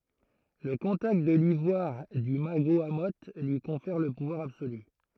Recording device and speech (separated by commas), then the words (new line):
throat microphone, read sentence
Le contact de l'ivoire du Magohamoth lui confère le pouvoir absolu.